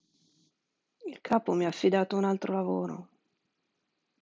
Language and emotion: Italian, sad